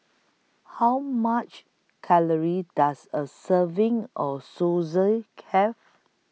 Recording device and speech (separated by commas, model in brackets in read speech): mobile phone (iPhone 6), read sentence